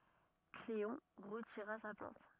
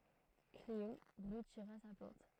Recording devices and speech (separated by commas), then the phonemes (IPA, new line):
rigid in-ear microphone, throat microphone, read sentence
kleɔ̃ ʁətiʁa sa plɛ̃t